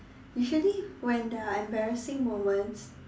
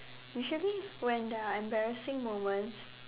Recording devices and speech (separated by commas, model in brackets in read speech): standing microphone, telephone, conversation in separate rooms